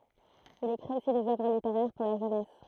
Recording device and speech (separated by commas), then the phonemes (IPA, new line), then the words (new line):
throat microphone, read sentence
il ekʁit osi dez œvʁ liteʁɛʁ puʁ la ʒønɛs
Il écrit aussi des oeuvres littéraires pour la jeunesse.